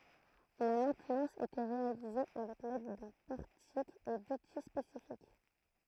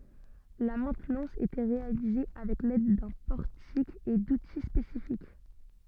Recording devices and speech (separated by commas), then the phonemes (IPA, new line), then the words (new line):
throat microphone, soft in-ear microphone, read sentence
la mɛ̃tnɑ̃s etɛ ʁealize avɛk lɛd dœ̃ pɔʁtik e duti spesifik
La maintenance était réalisée avec l'aide d'un portique et d'outils spécifiques.